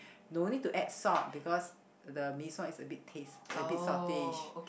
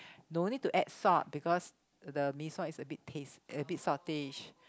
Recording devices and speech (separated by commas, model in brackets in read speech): boundary microphone, close-talking microphone, conversation in the same room